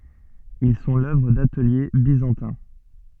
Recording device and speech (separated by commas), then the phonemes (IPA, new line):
soft in-ear microphone, read sentence
il sɔ̃ lœvʁ datəlje bizɑ̃tɛ̃